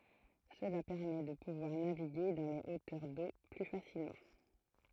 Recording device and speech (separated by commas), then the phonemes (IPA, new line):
throat microphone, read sentence
səla pɛʁmɛ də puvwaʁ naviɡe dɑ̃ le otœʁ do ply fasilmɑ̃